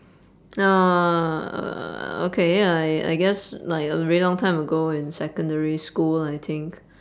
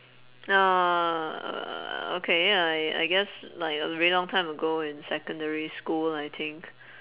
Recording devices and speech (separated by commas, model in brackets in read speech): standing microphone, telephone, conversation in separate rooms